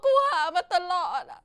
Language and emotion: Thai, sad